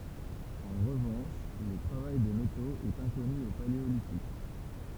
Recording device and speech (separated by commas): temple vibration pickup, read sentence